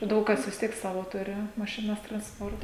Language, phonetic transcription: Lithuanian, ˈdaug kas vis ˈtiek ˈsavo ˈturi mašiˈnas transˈporta

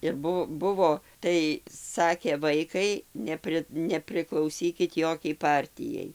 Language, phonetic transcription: Lithuanian, ir ˈbu ˈbuvo ˈtai ˈsakė ˈvaikai ˈnepri nepriklauˈsykit ˈjokiai ˈpartijai

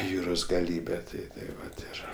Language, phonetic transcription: Lithuanian, ˈjūros gaˈlybe ˈtai tai ˈvat ˈir

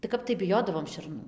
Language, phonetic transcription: Lithuanian, tai ˈkap tai biˈjodavom šerˈnų

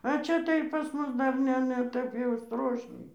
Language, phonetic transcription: Lithuanian, a ˈčia tai pas ˈmus ˈdar ˈne ne ˈtep jau ˈstrošniai

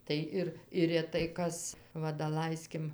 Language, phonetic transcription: Lithuanian, tai ˈir ir reˈtai ˈkas ˈva daˈlaiskim

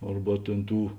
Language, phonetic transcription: Lithuanian, ˈarba tėn ˈtų

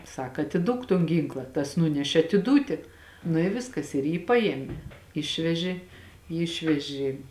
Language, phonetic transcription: Lithuanian, ˈsak atiˈduok ton ˈgynkla tas ˈnunešė atiˈdūti nu i ˈviskas ir ˈjį ˈpaėme ˈišvežė ˈjį ˈišvežė

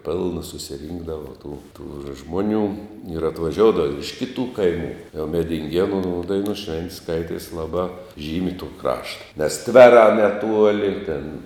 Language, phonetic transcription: Lithuanian, ˈpilna susiˈrynkdava tų tų ˈžmoˈnių ir atvaˈžioudavo ir iš ˈkitų ˈkaimų jau medinˈgienų ˈdainų ˈšvent' ˈskaities ˈlabā ˈžymi tų ˈkrašta nes ˈtverā neˈtuoli ir tėn

